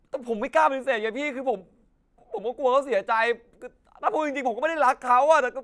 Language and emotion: Thai, sad